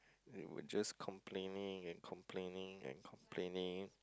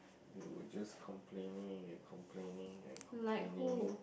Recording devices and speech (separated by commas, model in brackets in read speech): close-talking microphone, boundary microphone, conversation in the same room